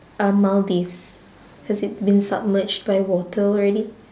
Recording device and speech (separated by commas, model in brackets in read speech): standing microphone, conversation in separate rooms